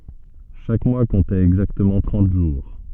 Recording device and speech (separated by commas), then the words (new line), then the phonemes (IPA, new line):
soft in-ear microphone, read sentence
Chaque mois comptait exactement trente jours.
ʃak mwa kɔ̃tɛt ɛɡzaktəmɑ̃ tʁɑ̃t ʒuʁ